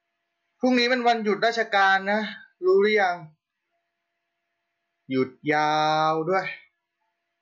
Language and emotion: Thai, frustrated